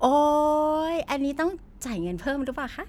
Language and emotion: Thai, happy